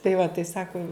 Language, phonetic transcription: Lithuanian, tai va tai ˈsaku

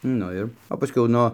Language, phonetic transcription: Lithuanian, ˈnu ir o paˈskiau ˈno

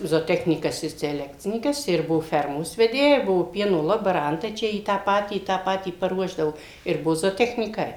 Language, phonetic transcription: Lithuanian, zoˈtechnykas i seˈlekcinykas ir ˈbuvo ˈfermos veˈdėja ˈbuvo ˈpieno lobaˈrantai ˈčia į ˈtą ˈpatį ˈtą ˈpatį paˈruošdao ir ˈbuo zotechnyˈkai

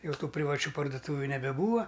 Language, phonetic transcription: Lithuanian, jauˈtų privaˈčių parduˈtūviu nebeˈbūva

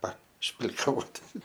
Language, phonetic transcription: Lithuanian, pašplikaˈvoti

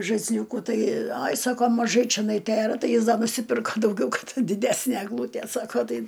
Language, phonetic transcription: Lithuanian, žaisˈliūkų ˈtai ˈaj ˈsako maˈžai čeˈnai ˈtėra ˈtai ˈjis ˈda nusiˈpirka dauˈgiau ˈkad diˈdæsnæ egˈlūtie ˈsako ˈtai

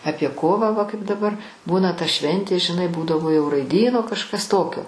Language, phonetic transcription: Lithuanian, ˈapie ˈkovą va kaip daˈbar ˈbūna ta ˈšventė žiˈnai ˈbūdavo jau raiˈdyno kažˈkas ˈtokio

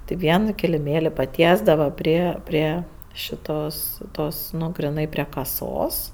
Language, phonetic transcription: Lithuanian, tai ˈvieno kiliˈmėli paˈtiesdava ˈprie ˈprie šiˈtos ˈtos ˈnu griˈnai prie kaˈsos

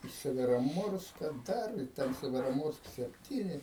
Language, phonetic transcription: Lithuanian, i severoˈmorska ˈdar i ˈten severoˈmorsk sepˈtyni

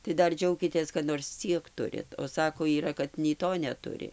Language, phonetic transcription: Lithuanian, tai ˈdar ˈdžiaukitės kad nors ˈciek ˈturit o ˈsako yˈra kad nei ˈto neˈturi

